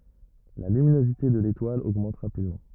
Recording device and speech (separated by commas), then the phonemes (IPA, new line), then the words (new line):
rigid in-ear microphone, read sentence
la lyminozite də letwal oɡmɑ̃t ʁapidmɑ̃
La luminosité de l'étoile augmente rapidement.